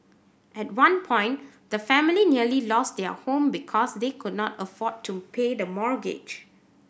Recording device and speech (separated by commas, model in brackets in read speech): boundary microphone (BM630), read sentence